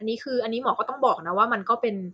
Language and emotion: Thai, neutral